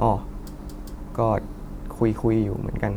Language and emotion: Thai, neutral